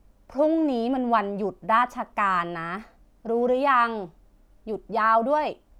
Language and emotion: Thai, frustrated